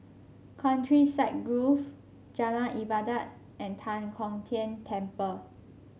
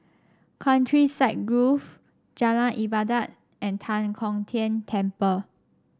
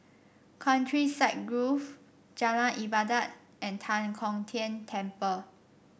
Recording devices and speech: mobile phone (Samsung C5), standing microphone (AKG C214), boundary microphone (BM630), read sentence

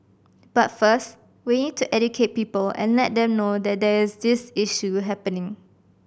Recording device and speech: boundary microphone (BM630), read sentence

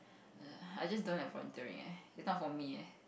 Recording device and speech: boundary microphone, conversation in the same room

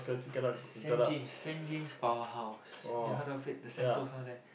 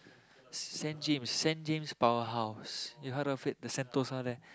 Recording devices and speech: boundary microphone, close-talking microphone, conversation in the same room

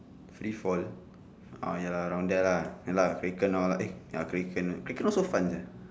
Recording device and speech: standing microphone, conversation in separate rooms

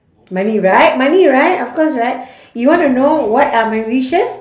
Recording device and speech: standing microphone, conversation in separate rooms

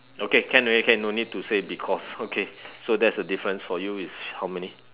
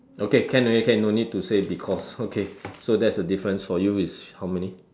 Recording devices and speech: telephone, standing microphone, conversation in separate rooms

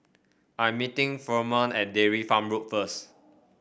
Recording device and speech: boundary microphone (BM630), read sentence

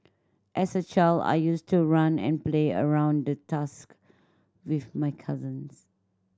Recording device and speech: standing microphone (AKG C214), read sentence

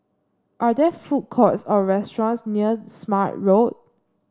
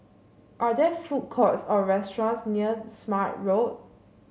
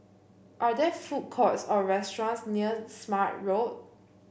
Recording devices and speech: standing microphone (AKG C214), mobile phone (Samsung C7), boundary microphone (BM630), read sentence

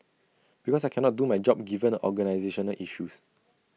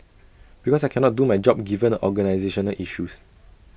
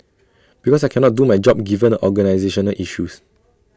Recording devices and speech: mobile phone (iPhone 6), boundary microphone (BM630), standing microphone (AKG C214), read sentence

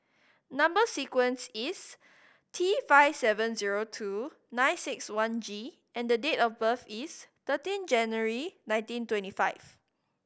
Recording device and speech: boundary microphone (BM630), read sentence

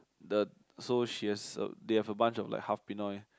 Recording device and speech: close-talking microphone, conversation in the same room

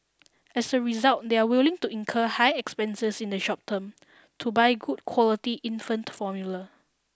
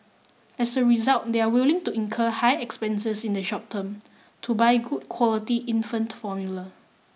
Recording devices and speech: standing microphone (AKG C214), mobile phone (iPhone 6), read sentence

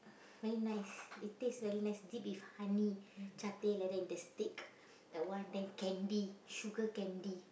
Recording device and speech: boundary microphone, conversation in the same room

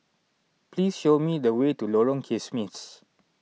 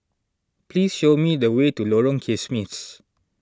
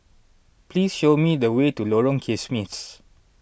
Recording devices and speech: mobile phone (iPhone 6), standing microphone (AKG C214), boundary microphone (BM630), read sentence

